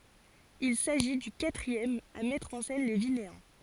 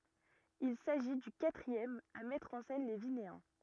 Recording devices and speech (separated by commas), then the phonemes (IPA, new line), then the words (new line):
forehead accelerometer, rigid in-ear microphone, read sentence
il saʒi dy katʁiɛm a mɛtʁ ɑ̃ sɛn le vineɛ̃
Il s’agit du quatrième à mettre en scène les Vinéens.